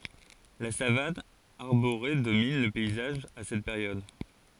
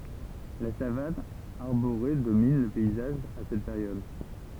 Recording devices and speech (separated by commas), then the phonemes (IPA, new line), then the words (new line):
forehead accelerometer, temple vibration pickup, read sentence
la savan aʁboʁe domin lə pɛizaʒ a sɛt peʁjɔd
La savane arborée domine le paysage à cette période.